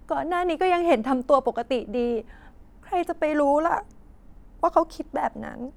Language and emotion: Thai, sad